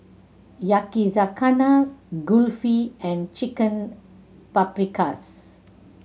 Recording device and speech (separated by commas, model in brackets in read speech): mobile phone (Samsung C7100), read sentence